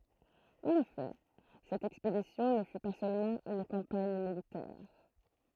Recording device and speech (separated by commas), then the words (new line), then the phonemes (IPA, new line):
throat microphone, read sentence
En effet, cette expédition ne fut pas seulement une campagne militaire.
ɑ̃n efɛ sɛt ɛkspedisjɔ̃ nə fy pa sølmɑ̃ yn kɑ̃paɲ militɛʁ